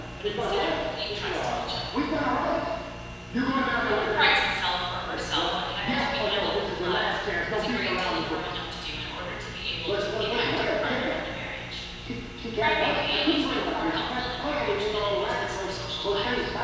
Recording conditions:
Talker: one person; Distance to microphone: 7.1 m; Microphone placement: far; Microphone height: 1.7 m; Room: very reverberant, large; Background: television

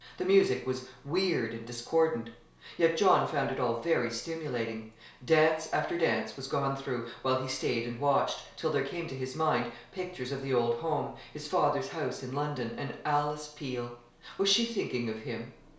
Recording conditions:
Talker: one person; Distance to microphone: 1.0 m; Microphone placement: close; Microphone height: 1.1 m; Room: small (3.7 m by 2.7 m); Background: television

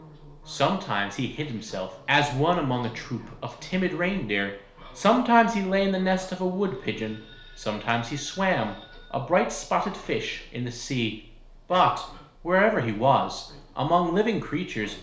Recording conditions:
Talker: one person; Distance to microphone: 1.0 m; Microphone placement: close; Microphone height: 1.1 m; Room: small (3.7 m by 2.7 m); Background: television

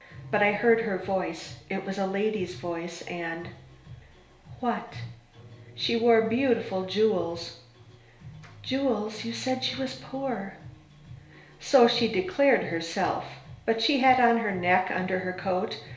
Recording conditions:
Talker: one person; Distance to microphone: 1.0 m; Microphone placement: close; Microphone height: 1.1 m; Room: small (3.7 m by 2.7 m); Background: music

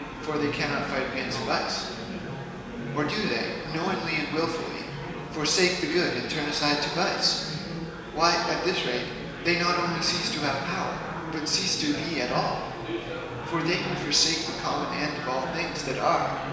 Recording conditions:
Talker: one person; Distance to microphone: 1.7 m; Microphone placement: close; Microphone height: 1.0 m; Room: very reverberant, large; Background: babble

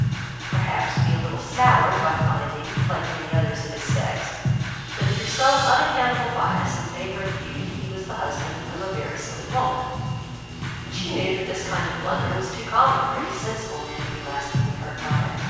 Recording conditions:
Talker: one person; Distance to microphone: 7.1 m; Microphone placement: far; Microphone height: 1.7 m; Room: very reverberant, large; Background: music

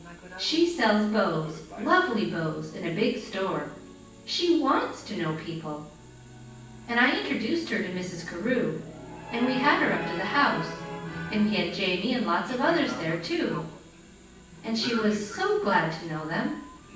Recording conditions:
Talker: one person; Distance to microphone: 9.8 m; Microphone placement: far; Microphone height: 1.8 m; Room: large; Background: television

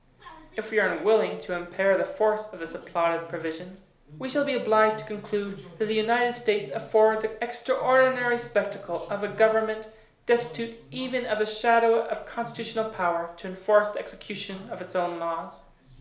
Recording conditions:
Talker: one person; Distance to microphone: 1.0 m; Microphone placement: close; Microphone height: 1.1 m; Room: small (3.7 m by 2.7 m); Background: television

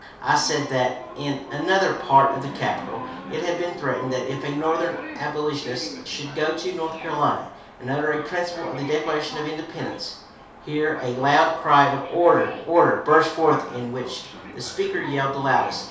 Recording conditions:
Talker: one person; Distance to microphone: 3.0 m; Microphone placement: far; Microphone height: 1.8 m; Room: small (3.7 m by 2.7 m); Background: television

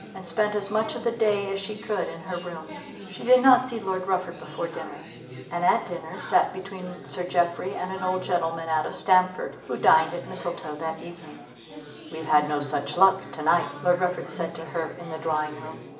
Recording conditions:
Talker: one person; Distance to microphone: 1.8 m; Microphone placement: close; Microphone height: 1.0 m; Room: large; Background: babble

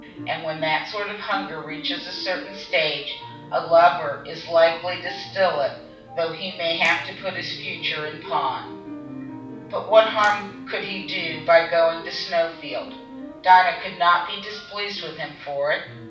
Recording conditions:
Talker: one person; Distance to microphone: 5.8 m; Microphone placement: far; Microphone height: 1.8 m; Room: medium-sized (5.7 m by 4.0 m); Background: music

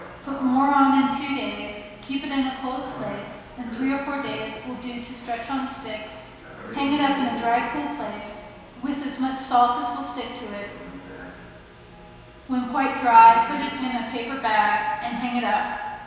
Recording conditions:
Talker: one person; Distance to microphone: 1.7 m; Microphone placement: close; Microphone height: 1.0 m; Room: very reverberant, large; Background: television

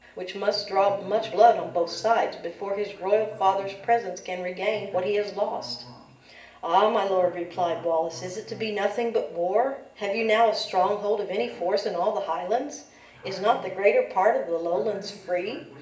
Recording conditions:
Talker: one person; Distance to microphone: 1.8 m; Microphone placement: close; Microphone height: 1.0 m; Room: large; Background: television

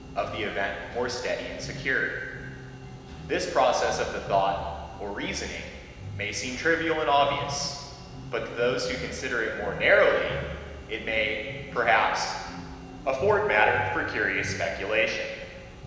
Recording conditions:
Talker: one person; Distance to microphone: 1.7 m; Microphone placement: close; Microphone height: 1.0 m; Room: very reverberant, large; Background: music

